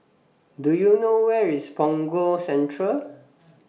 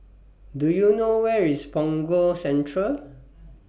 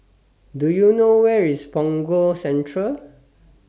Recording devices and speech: mobile phone (iPhone 6), boundary microphone (BM630), standing microphone (AKG C214), read sentence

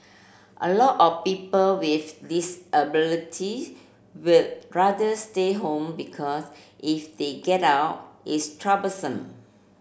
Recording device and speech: boundary microphone (BM630), read sentence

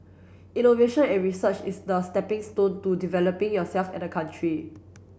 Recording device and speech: boundary microphone (BM630), read sentence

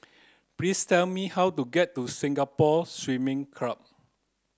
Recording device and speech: close-talking microphone (WH30), read sentence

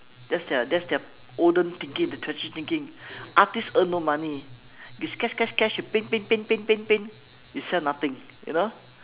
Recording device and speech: telephone, conversation in separate rooms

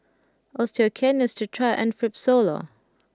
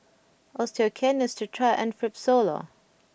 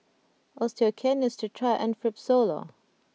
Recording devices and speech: close-talking microphone (WH20), boundary microphone (BM630), mobile phone (iPhone 6), read sentence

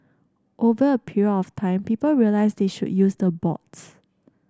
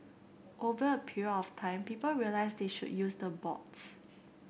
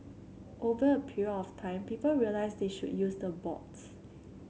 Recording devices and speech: standing microphone (AKG C214), boundary microphone (BM630), mobile phone (Samsung C7), read sentence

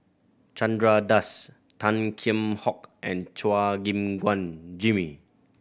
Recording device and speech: boundary microphone (BM630), read sentence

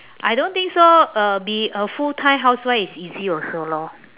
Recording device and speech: telephone, conversation in separate rooms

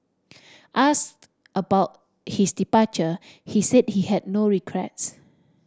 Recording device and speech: standing microphone (AKG C214), read sentence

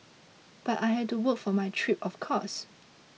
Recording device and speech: mobile phone (iPhone 6), read sentence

